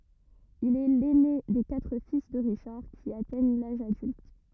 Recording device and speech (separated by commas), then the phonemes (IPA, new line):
rigid in-ear microphone, read sentence
il ɛ lɛne de katʁ fis də ʁiʃaʁ ki atɛɲ laʒ adylt